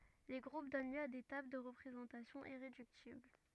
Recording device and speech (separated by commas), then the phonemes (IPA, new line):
rigid in-ear microphone, read sentence
le ɡʁup dɔn ljø a de tabl də ʁəpʁezɑ̃tasjɔ̃ iʁedyktibl